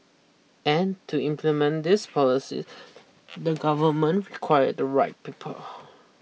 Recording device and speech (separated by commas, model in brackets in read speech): mobile phone (iPhone 6), read sentence